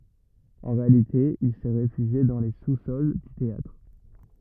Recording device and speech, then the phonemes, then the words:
rigid in-ear microphone, read sentence
ɑ̃ ʁealite il sɛ ʁefyʒje dɑ̃ le susɔl dy teatʁ
En réalité, il s'est réfugié dans les sous-sols du théâtre.

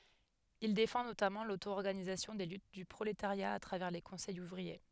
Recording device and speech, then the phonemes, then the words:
headset microphone, read sentence
il defɑ̃ notamɑ̃ lotoɔʁɡanizasjɔ̃ de lyt dy pʁoletaʁja a tʁavɛʁ le kɔ̃sɛjz uvʁie
Il défend notamment l'auto-organisation des luttes du prolétariat à travers les conseils ouvriers.

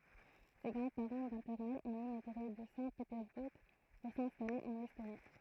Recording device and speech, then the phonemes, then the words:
throat microphone, read sentence
se ɡʁɑ̃dspaʁɑ̃ matɛʁnɛlz ɔ̃t emiɡʁe də sɛ̃tpetɛʁzbuʁ puʁ sɛ̃stale ɑ̃n ɛstoni
Ses grands-parents maternels ont émigré de Saint-Pétersbourg pour s'installer en Estonie.

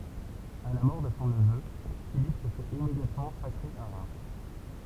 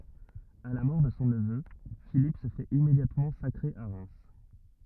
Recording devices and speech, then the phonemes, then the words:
temple vibration pickup, rigid in-ear microphone, read sentence
a la mɔʁ də sɔ̃ nəvø filip sə fɛt immedjatmɑ̃ sakʁe a ʁɛm
À la mort de son neveu, Philippe se fait immédiatement sacrer à Reims.

